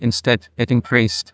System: TTS, neural waveform model